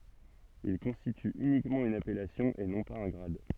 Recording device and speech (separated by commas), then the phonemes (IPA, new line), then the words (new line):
soft in-ear microphone, read sentence
il kɔ̃stity ynikmɑ̃ yn apɛlasjɔ̃ e nɔ̃ paz œ̃ ɡʁad
Il constitue uniquement une appellation et non pas un grade.